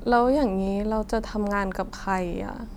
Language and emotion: Thai, frustrated